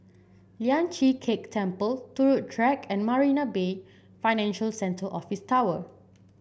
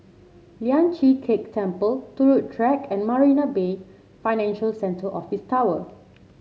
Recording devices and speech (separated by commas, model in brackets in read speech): boundary microphone (BM630), mobile phone (Samsung C7), read sentence